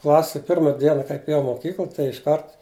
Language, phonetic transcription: Lithuanian, ˈklase ˈpirma ˈdiena kaip eˈjau i moˈkykl tai išˈkart

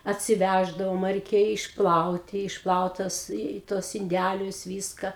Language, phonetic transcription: Lithuanian, atsiˈvæždavom reiˈkėja išˈplauti išˈplaut tas i tuos inˈdælius ˈvyska

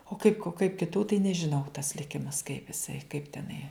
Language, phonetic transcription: Lithuanian, o ˈkaip kaip kiˈtų tai nežiˈnau tas liˈkimas kaip iˈsai kaip teˈnai

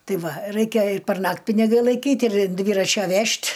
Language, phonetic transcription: Lithuanian, ˈtai ˈva ˈraikia ir perˈnakt' piniˈgai laiˈkyt' ir in ˈdvyračia ˈvežt'

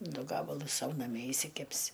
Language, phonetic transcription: Lithuanian, ˈdu ˈgabalus ˈsau naˈmie išsiˈkepsi

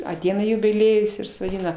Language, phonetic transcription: Lithuanian, aˈteina jubiˈliejus ir suˈeina

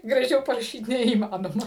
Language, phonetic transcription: Lithuanian, graˈžiau paraˈšyt neįˈmanoma

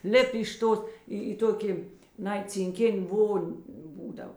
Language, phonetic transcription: Lithuanian, ˈlip' iš ˈtos ˈį į ˈtoki ˈnai cinˈkin' ˈvon' ˈbūdav

